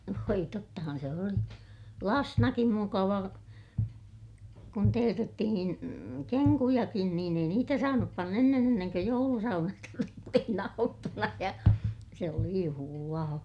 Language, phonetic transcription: Finnish, voi tottahan se oli , lasnakim mukava , kun teetettihin , keŋkujakin niin ‿ei niitä saanup pann ‿ennen ‿enneŋkö joulusaunasta tuli sitten ‿auttuna ja , se oli juhulaa .
- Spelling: voi tottahan se oli lapsenakin mukava kun teetettiin kenkujakin niin ei niitä saanut panna ennen ennen kuin joulusaunasta tuli sitten aattona ja se oli juhlaa

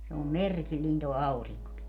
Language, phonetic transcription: Finnish, se om "merkilliin too 'auriŋkoki .
- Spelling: se on merkillinen tuo aurinkokin

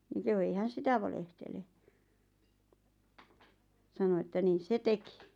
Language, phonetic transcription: Finnish, niŋ kehu ei 'hän̬ "sitä valehtele , sano että 'niis "se 'teki .
- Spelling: niin kehui ei hän sitä valehtele sanoi että niissä se teki

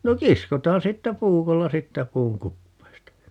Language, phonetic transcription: Finnish, 'no "kiskotaan 'siittä "puukolla 'siittä "puuŋ 'kuppeesta .
- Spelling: no kiskotaan siitä puukolla siitä puun kupeesta

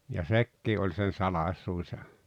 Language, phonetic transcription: Finnish, ja "sekkii oĺ sen̬ 'salaⁱsuus ja ,.
- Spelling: ja sekin oli sen salaisuus ja

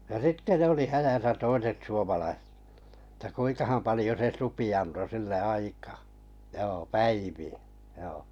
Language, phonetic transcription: Finnish, ja "sitte 'ne oli "häjäsä 'toiset suomalai- , että 'kuiŋkaham 'palⁱjo se 'supi anto 'sille "aikaa , 'joo "päivi₍ä , joo .
- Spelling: ja sitten ne oli hädässä toiset - että kuinkahan paljon se supi antoi sille aikaa joo päiviä joo

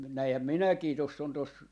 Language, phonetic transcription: Finnish, » n- , 'näihäm "minäkii , toss ‿on 'tos , .
- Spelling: - näinhän minäkin tuossa on tuossa

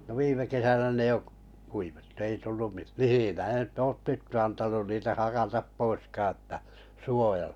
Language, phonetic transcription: Finnish, no 'viime 'kesänä ne 'jo' kuivettᴜ ei tullum mi- "mihinää (nyt) ei oot 'tyttö 'antanun niitä 'hakatap "poiskaa ‿ətta , 'suojəl- .
- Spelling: no viime kesänä ne jo kuivettui ei tullut - mihinkään nyt ei ole tyttö antanut niitä hakata poiskaan jotta -

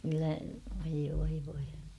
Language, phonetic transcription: Finnish, kyllä , voi voi voi .
- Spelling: kyllä voi voi voi

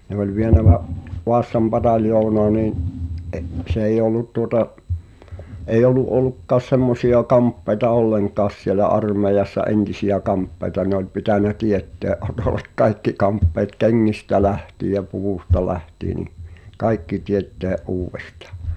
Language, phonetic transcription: Finnish, ne ‿oĺ vienä Va’- , 'Vaassam "pataljounaa nii’ , ’e- , s ‿èi'j ‿ollut tuŏta’ , èij ‿olu’ ’olukkaas 'semmosi₍a 'kamppeĭta "olleŋk̀aas sielä 'armeijassa "entisi₍ä 'kamppeĭta ne ‿oĺ pitänä "tietteä’ '’Otolek "kaikki 'kamppeet "keŋŋistä 'lähtiij̆ jä "puvusta 'lähtii ni , "kaikki 'tiettèᵃ̈ '’uuwvestᴀ .
- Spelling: ne oli vienyt - Vaasan pataljoonaan niin - se ei ollut tuota ei ollut ollutkaan semmoisia kamppeita ollenkaan siellä armeijassa entisiä kamppeita ne oli pitänyt teettää Otolle kaikki kamppeet kengistä lähtien ja puvusta lähtien niin kaikki tietenkin uudestaan

